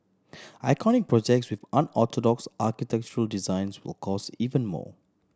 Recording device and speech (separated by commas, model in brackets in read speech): standing microphone (AKG C214), read sentence